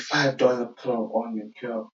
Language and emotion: English, fearful